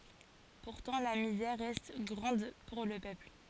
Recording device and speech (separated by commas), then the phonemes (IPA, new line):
forehead accelerometer, read sentence
puʁtɑ̃ la mizɛʁ ʁɛst ɡʁɑ̃d puʁ lə pøpl